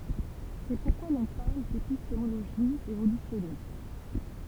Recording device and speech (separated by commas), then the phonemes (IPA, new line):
temple vibration pickup, read sentence
sɛ puʁkwa lɔ̃ paʁl depistemoloʒi evolysjɔnist